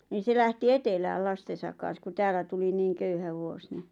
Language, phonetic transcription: Finnish, niin̬ 'se lähti "etelääl 'lastesak kan̬sku 'tääl̆lä tuli 'niiŋ 'köyhä 'vuos ni ,.
- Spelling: niin se lähti etelään lastensa kanssa kun täällä tuli niin köyhä vuosi niin

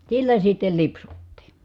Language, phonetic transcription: Finnish, sillä sittel lipsuttii .
- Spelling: sillä sitten lipsuttiin

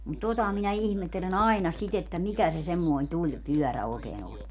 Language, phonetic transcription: Finnish, mut "tota minä 'ihmettele'n ‿ai̮na sit ‿että "mikä se semmoi̮n "tuĺpyɔ̈̀rä 'òekee'n ‿on .
- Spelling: mutta tuota minä ihmettelen aina sitä että mikä se semmoinen tulipyörä oikein on

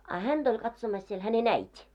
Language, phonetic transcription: Finnish, a 'hänᴅ ‿oĺ katsomas siel häne"n ‿äit́i .
- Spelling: a häntä oli katsomassa siellä hänen äiti

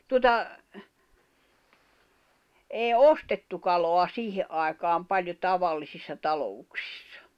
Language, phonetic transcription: Finnish, tuota , 'èi̬ "ostettu kaloa 'siihe , ’ai̬kaam 'paĺjo "tavallisissa 'talo₍uksɪssᴀ .
- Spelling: tuota ei ostettu kalaa siihen aikaan paljon tavallisissa talouksissa

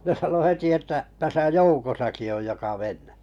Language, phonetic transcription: Finnish, jä ne 'sano 'heti että , » 'täsä "joukosaki oj joka 'men̆n(ᴇ) « .
- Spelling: ja ne sanoi heti että tässä joukossakin on joka menee

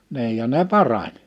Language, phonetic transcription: Finnish, ni̬ij ja ne "parań .
- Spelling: niin ja ne parani

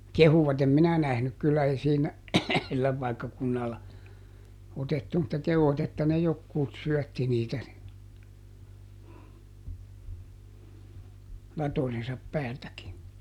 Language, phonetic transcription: Finnish, "kehuvat - em "minä ˈnähnyk kyllä - ˈei ˈsiinä , ˈsillä ˈpaikkakunnalla , ˈotettu mutta ˈkehuᵛat ‿että ne ˈjokkuut ˈsyɔ̈̀tti niitä ni , ˈlatojensap ˈpäältäkin .
- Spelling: kehuivat en minä nähnyt kyllä ei siinä sillä paikkakunnalla otettu mutta kehuivat että ne jotkut syötti niitä niin latojensa päältäkin

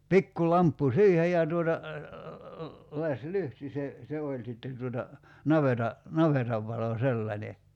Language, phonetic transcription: Finnish, 'pikku 'lamppu "siihej ja tuota , 'las"lyhti se , 'se oĺ sitten̬ tuota , 'naveta , 'navetav valo "sellańe .
- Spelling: pikku lamppu siihen ja tuota lasilyhty se se oli sitten tuota navetan navetan valo sellainen

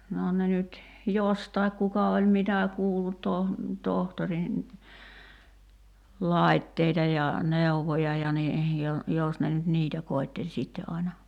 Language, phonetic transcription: Finnish, noo 'ne nyt , "jostaik 'kuka oĺ "mitä 'kuullut 'toh- , 'tohtorin , 'làitteita ja , 'nèuvoja ja ni , 'jo- , 'jos ne nyt "niitä 'koitteĺ 'sitte ’aina .
- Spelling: no ne nyt jostakin kuka oli mitä kuullut - tohtorin laitteita ja neuvoja ja niin - jos ne nyt niitä koetteli sitten aina

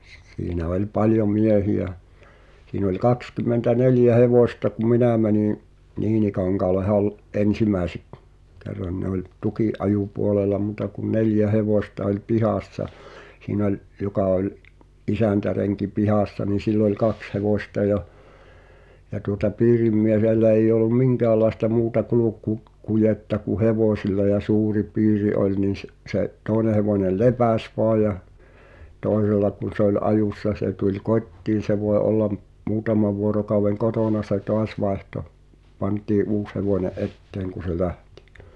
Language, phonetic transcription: Finnish, s- s- siinä 'oĺ "paljoᵐ 'miehi₍ä , siin ‿oĺ 'kakskym̆mentä"neljä "hevòśta ku "minä̀ mäniḭ , "Niinikaŋkaale Hal- , '’ensimä̀i̬sek- , 'kerran ne ‿oĺ , 'tuki’-’ajupuolela mùta kun 'neljä "hevòśta oĺ "pihàssa , 'siin ‿oĺ , 'joka oĺ , "isä̀ntäreŋki 'pihàssa nin̬ 'sill ‿oĺ "kaks hevòśta ja , ja tuŏta 'piirimmie(h)ellä eij̆j ‿olum "miŋkäälaesta muuta kuluk̀u- , -kujetta ku "hevòśilla ja "suuri 'piiri oĺ nin̬ s- , se’ , 'tooᵉne hevòńel̆ "lepäs voa ja , 'tòe(s)ella kun̬ se ‿oĺ '’ajùssa se tuĺ "kot́tiin̬ se voe ’ollam , 'muutama vuorokau̬weŋ "kotòna se 'toas vaehto , 'pant̀ii’ "’uus hevòńe , "’etteeŋ ku se "lähtɪ .
- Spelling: - - siinä oli paljon miehiä siinä oli kaksikymmentäneljä hevosta kun minä menin Niinikankaalle - ensimmäisen kerran ne oli tukinajopuolella muuta kuin neljä hevosta oli pihassa siinä oli joka oli isäntärenki pihassa niin sillä oli kaksi hevosta ja ja tuota piirimiehellä ei ollut minkäänlaista muuta - kulkukujetta kuin hevosilla ja suuri piiri oli niin - se toinen hevonen lepäsi vain ja toisella kun se oli ajossa se tuli kotiin se voi olla muutaman vuorokauden kotona se taas vaihtoi pantiin uusi hevonen eteen kun se lähti

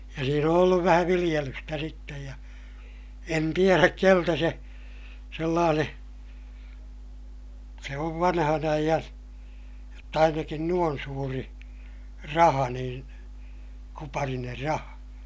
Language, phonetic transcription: Finnish, ja siin ‿on ‿olluv vähä viliʲelystä sittej ja , en tieräk keltä se , sellaaneè , se ov vanhan ‿aijan , jott ‿ainakin nuon suuri , raha niin , kupariner raha .
- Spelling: ja siinä on ollut vähän viljelystä sitten ja en tiedä keneltä se sellainen se on vanhan ajan jotta ainakin noin suuri raha niin kuparinen raha

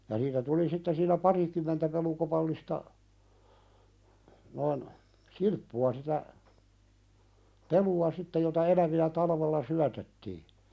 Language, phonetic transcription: Finnish, ja niitä 'tuli sitte siiǹä "parikym̆mentä pelukopallista , noin , "silppu₍a sitä , 'pelu₍a "sitte jota 'elävi₍ä 'talavella "syätettii .
- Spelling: ja niitä tuli sitten siinä parikymmentä pelukopallista noin silppua sitä pelua sitten jota eläviä talvella syötettiin

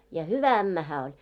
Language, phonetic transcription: Finnish, ja "hyvä 'ämmä 'hää oĺ .
- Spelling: ja hyvä ämmä hän oli

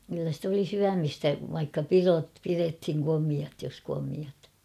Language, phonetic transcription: Finnish, kyllä sit oli 'syämistä vaikka "pirot̳ 'pirethiŋ 'komiat jos komiat .
- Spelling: kyllä sitä oli syömistä vaikka pidot pidettiin komeat jos komeat

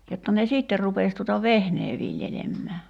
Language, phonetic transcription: Finnish, jotta ne 'sìtter rupès tuta "vehnee 'viljelemmää .
- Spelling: jotta ne sitten rupesi tuota vehnää viljelemään

